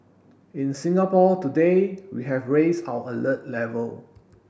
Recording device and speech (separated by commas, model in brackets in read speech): boundary microphone (BM630), read sentence